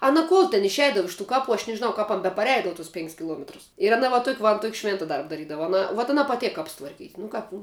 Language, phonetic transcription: Lithuanian, ˈana ˈkuol ten išˈeidava ˈiš tų ˈkaˌpų aš nežiˈnau ˈkap an bepaˈreidavu tus ˈpink's' kiˈluometrus ir aˈna va ˈtuok' va an ˈtuok' ˈšvėnta ˈdarb daˈrydava aˈna vuot aˈna paˈtėk ˈkaps tvarˈkyt' nu ˈkap nu

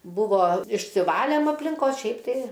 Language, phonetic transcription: Lithuanian, ˈbuvo išsiˈvalėm aplinˈkos ˈšiaip tai

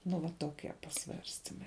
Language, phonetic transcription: Lithuanian, nu va toˈkia paˈsvarstimai

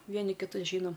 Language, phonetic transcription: Lithuanian, ˈvieni kiˈtus ˈžynom

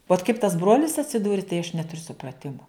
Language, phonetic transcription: Lithuanian, vot kaip tas ˈbrolis atsiˈdūri tai aš ˈneturiu supraˈtimu

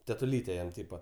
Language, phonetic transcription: Lithuanian, tetuˈlytė ˈjam ˈtypa

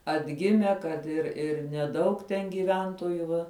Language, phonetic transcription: Lithuanian, atˈgime kad ir ir neˈdaug ten gyˈventoju ˈva

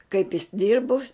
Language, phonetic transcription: Lithuanian, kaip jis ˈdirbu

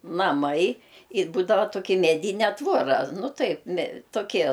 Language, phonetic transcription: Lithuanian, naˈmai i ˈbūdava toˈki meˈdyne ˈtvora ˈnu ˈtaip me toˈkie

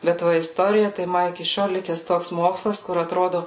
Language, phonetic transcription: Lithuanian, bet ˈva isˈtorija tai ˈma iki ˈšiol ˈlikes ˈtoks ˈmokslas kur atˈrodu

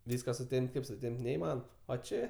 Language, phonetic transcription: Lithuanian, ˈvyska suˈtemp't' ˈkaip suˈtemp't' neiˈmanom o ˈčė

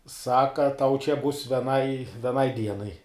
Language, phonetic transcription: Lithuanian, ˈsaka tau čia bus veˈnai veˈnai ˈdienai

